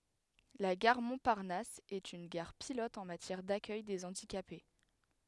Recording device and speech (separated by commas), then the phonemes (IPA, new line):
headset microphone, read sentence
la ɡaʁ mɔ̃paʁnas ɛt yn ɡaʁ pilɔt ɑ̃ matjɛʁ dakœj de ɑ̃dikape